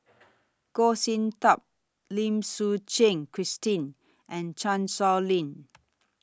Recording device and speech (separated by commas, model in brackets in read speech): standing microphone (AKG C214), read sentence